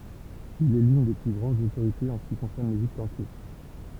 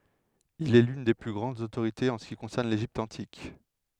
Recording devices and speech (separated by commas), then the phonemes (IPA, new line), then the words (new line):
temple vibration pickup, headset microphone, read sentence
il ɛ lyn de ply ɡʁɑ̃dz otoʁitez ɑ̃ sə ki kɔ̃sɛʁn leʒipt ɑ̃tik
Il est l'une des plus grandes autorités en ce qui concerne l'Égypte antique.